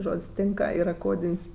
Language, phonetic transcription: Lithuanian, ˈžod's' ˈtinka ˈyr ˈkodin's'

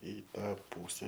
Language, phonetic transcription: Lithuanian, i ˈtą ˈpūse

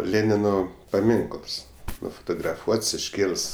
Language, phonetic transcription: Lithuanian, ˈlėnino paˈminkls nufotograˈfuots išˈkėlɘs

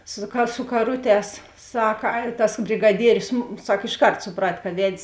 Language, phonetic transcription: Lithuanian, su ka su kaˈruˌtēs ˈsaka a tas brigaˈdierius ˈsak išˈkart suˈprat ka ˈved's'

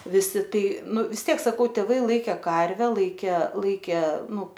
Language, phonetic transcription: Lithuanian, viˈsi ˈtai ˈnu vis ˈtiek saˈkau tėˈvai ˈlaikė ˈkarve ˈlaikė laikė ˈnu

